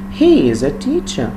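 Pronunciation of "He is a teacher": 'He is a teacher' is said with a falling intonation: the voice goes down towards the end of the sentence.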